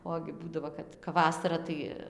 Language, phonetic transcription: Lithuanian, ˈogi ˈbūdavo ˈkad kap ˈvasara tai

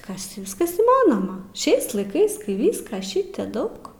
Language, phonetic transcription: Lithuanian, ˈkas ti ˈviskas įˈmanoma ˈšiais laiˈkais ˈkai ˈvyska ˈšitė ˈdaug

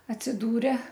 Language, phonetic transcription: Lithuanian, atsiˈdūre

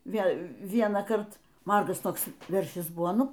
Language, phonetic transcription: Lithuanian, ˈvėl ˈvienąkart ˈmargas ˈtoks ˈveršis ˈbuvo ˈnu

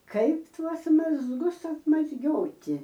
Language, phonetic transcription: Lithuanian, ˈkaip ˈtuos mazˈgus atmazˈgioti

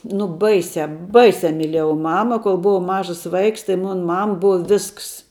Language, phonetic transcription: Lithuanian, nu ˈbaisiā ˈbaisiā myˈlėjau ˈmama kol ˈbuvau ˈmažas ˈvaiks tai ˈmun ˈmam ˈbua ˈvisks

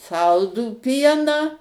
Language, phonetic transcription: Lithuanian, ˈsaldų ˈpieną

